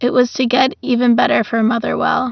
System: none